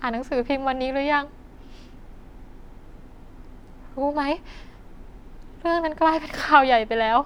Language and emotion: Thai, sad